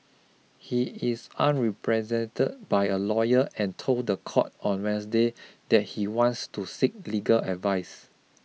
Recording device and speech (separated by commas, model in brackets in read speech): mobile phone (iPhone 6), read sentence